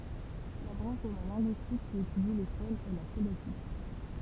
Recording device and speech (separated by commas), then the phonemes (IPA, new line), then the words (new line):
temple vibration pickup, read sentence
la bʁɑ̃ʃ də la lɛ̃ɡyistik ki etydi le fonz ɛ la fonetik
La branche de la linguistique qui étudie les phones est la phonétique.